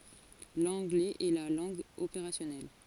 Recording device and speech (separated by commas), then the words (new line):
forehead accelerometer, read sentence
L’anglais est la langue opérationnelle.